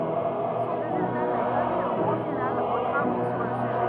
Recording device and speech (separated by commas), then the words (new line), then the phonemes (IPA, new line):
rigid in-ear microphone, read sentence
Son résultat n'a pas mis un point final aux travaux sur le sujet.
sɔ̃ ʁezylta na pa mi œ̃ pwɛ̃ final o tʁavo syʁ lə syʒɛ